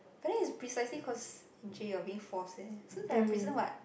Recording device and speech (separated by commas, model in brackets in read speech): boundary microphone, conversation in the same room